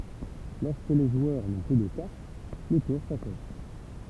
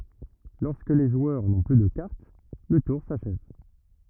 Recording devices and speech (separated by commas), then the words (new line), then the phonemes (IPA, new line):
temple vibration pickup, rigid in-ear microphone, read sentence
Lorsque les joueurs n’ont plus de cartes, le tour s’achève.
lɔʁskə le ʒwœʁ nɔ̃ ply də kaʁt lə tuʁ saʃɛv